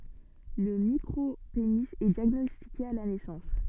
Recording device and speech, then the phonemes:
soft in-ear microphone, read sentence
lə mikʁopeni ɛ djaɡnɔstike a la nɛsɑ̃s

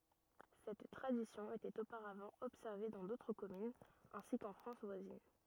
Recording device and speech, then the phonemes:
rigid in-ear microphone, read sentence
sɛt tʁadisjɔ̃ etɛt opaʁavɑ̃ ɔbsɛʁve dɑ̃ dotʁ kɔmynz ɛ̃si kɑ̃ fʁɑ̃s vwazin

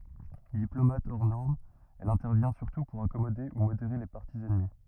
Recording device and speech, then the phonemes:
rigid in-ear microphone, read sentence
diplomat ɔʁ nɔʁm ɛl ɛ̃tɛʁvjɛ̃ syʁtu puʁ akɔmode u modeʁe le paʁti ɛnmi

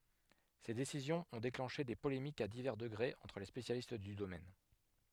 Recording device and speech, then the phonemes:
headset microphone, read sentence
se desizjɔ̃z ɔ̃ deklɑ̃ʃe de polemikz a divɛʁ dəɡʁez ɑ̃tʁ le spesjalist dy domɛn

